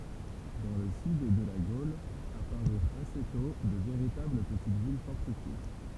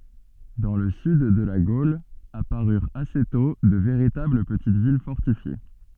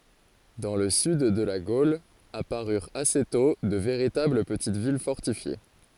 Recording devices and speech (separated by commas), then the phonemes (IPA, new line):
temple vibration pickup, soft in-ear microphone, forehead accelerometer, read sentence
dɑ̃ lə syd də la ɡol apaʁyʁt ase tɔ̃ də veʁitabl pətit vil fɔʁtifje